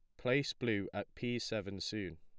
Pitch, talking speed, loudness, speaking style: 105 Hz, 180 wpm, -38 LUFS, plain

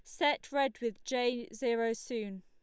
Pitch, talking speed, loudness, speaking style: 240 Hz, 160 wpm, -34 LUFS, Lombard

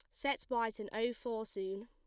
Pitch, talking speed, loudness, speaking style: 230 Hz, 215 wpm, -39 LUFS, plain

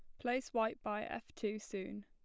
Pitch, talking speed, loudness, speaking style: 215 Hz, 195 wpm, -40 LUFS, plain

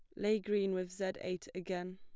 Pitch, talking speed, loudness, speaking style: 185 Hz, 205 wpm, -37 LUFS, plain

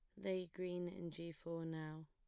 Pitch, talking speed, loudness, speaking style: 170 Hz, 190 wpm, -47 LUFS, plain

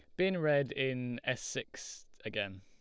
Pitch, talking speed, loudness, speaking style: 130 Hz, 150 wpm, -35 LUFS, Lombard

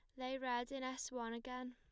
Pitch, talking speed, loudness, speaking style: 255 Hz, 235 wpm, -44 LUFS, plain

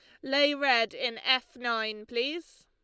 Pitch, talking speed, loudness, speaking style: 250 Hz, 150 wpm, -28 LUFS, Lombard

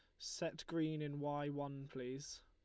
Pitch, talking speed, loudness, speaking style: 145 Hz, 160 wpm, -44 LUFS, Lombard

